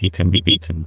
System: TTS, neural waveform model